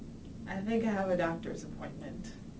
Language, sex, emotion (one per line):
English
female
neutral